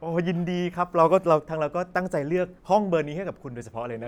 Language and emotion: Thai, happy